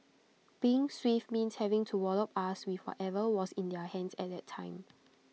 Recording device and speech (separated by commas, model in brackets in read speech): mobile phone (iPhone 6), read sentence